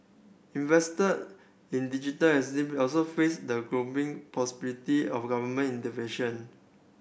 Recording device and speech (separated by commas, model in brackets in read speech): boundary microphone (BM630), read sentence